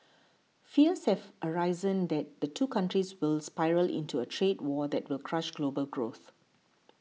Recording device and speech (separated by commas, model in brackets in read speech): mobile phone (iPhone 6), read sentence